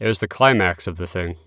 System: none